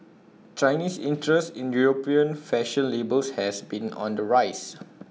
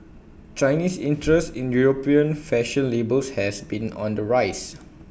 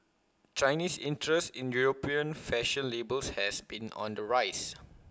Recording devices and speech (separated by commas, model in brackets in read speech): mobile phone (iPhone 6), boundary microphone (BM630), close-talking microphone (WH20), read sentence